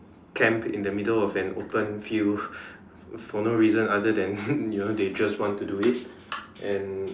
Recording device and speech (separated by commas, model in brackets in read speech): standing microphone, conversation in separate rooms